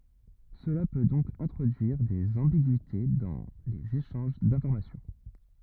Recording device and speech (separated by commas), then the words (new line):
rigid in-ear microphone, read sentence
Cela peut donc introduire des ambiguïtés dans les échanges d'information.